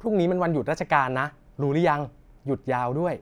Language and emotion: Thai, happy